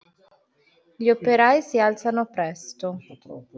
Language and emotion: Italian, neutral